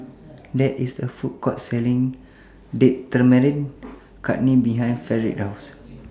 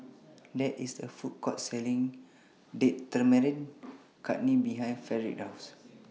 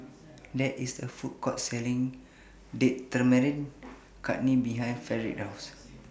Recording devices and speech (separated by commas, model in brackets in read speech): standing microphone (AKG C214), mobile phone (iPhone 6), boundary microphone (BM630), read sentence